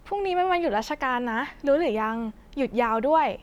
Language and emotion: Thai, happy